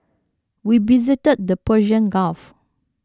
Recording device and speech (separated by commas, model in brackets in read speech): standing microphone (AKG C214), read sentence